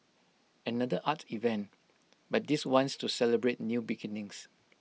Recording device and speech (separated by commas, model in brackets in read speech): mobile phone (iPhone 6), read sentence